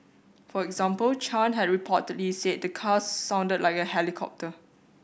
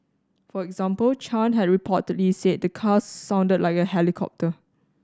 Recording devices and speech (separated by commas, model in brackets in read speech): boundary microphone (BM630), standing microphone (AKG C214), read sentence